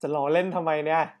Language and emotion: Thai, happy